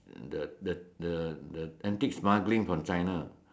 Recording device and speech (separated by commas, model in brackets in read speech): standing microphone, conversation in separate rooms